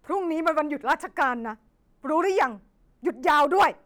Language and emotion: Thai, angry